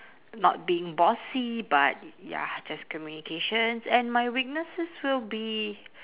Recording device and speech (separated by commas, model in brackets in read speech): telephone, conversation in separate rooms